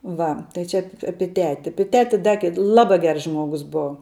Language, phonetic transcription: Lithuanian, ˈva tai ˈčia ap ˈapi ˈteti ˈapi ˈteti ˈda ked ˈlaba ˈgers ˈžmuogus ˈbova

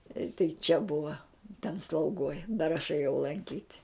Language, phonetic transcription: Lithuanian, i tai čia ˈbuva ten slauˈgoj dar aš ėˈjau lanˈkyt'

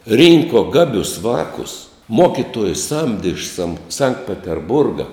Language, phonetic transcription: Lithuanian, ˈrynko ˈgabius ˈvākus ˈmokituojus ˈsamdi iš sam sankt peterˈburga

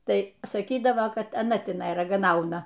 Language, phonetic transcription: Lithuanian, ˈtai saˈkydavo ˈkad aˈna tiˈnai ragaˈnauna

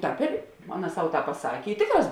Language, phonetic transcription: Lithuanian, ˈtāp ir ˈaˌna ˈsau ˈtāp paˈsakė i ˈtėkˌrās

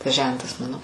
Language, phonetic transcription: Lithuanian, tas ˈžentas ˈmano

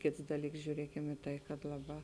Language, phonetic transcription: Lithuanian, ˈkėts ˈdaˌlyks žiūˈriekem i ˈtai kad ˈlaˌbā

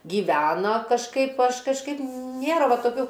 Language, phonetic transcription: Lithuanian, gyˈvena kažˈkaip ˈaš kažˈkaip ˈnėra ˈva toˈkių

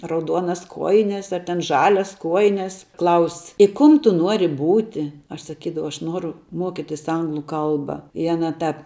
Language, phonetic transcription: Lithuanian, rauˈduonas ˈkuojines ar ten ˈžalias ˈkuojines klaus' i ˈkum ˈtu ˈnuori ˈbūti aš saˈkydavau aš ˈnuoru ˈmuokitis ˈanglu ˈkalba i aˈna ˈtap

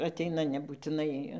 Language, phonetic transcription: Lithuanian, aˈteina nebūtiˈnai

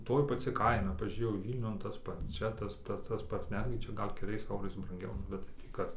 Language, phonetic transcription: Lithuanian, ˈtoj paˈci ˈkaina pažiūˈrėjau ˈvylniun tas ˈpats ˈčia tas ˈta tas ˈpats ˈnetgi ˈčia ˈgal' keˈliais ˈeurais branˈgiau ˈnu bet tai ˈtį ˈkad

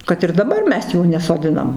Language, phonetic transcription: Lithuanian, kad ir daˈbar ˈmes ˈjų nesoˈdinam

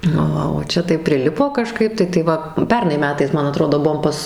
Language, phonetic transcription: Lithuanian, nu ˈva o ˈčia tai priˈlipo kaˈžkaip tai tai ˈva ˈpernai ˈmetais ˈman aˈtrodo ˈbuom ˈpas

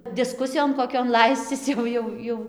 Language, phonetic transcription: Lithuanian, diˈskusijon koˈkion ˈlaiscis jau ˈjau ˈjau

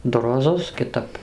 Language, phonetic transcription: Lithuanian, ˈdu roˈzus kiˈtap

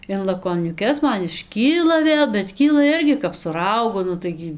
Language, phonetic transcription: Lithuanian, in lakoniuˈkes ˈman išˈkyla ˈvėl bet ˈkyla ˈirgi kap su ˈraugu ˈnu taigi

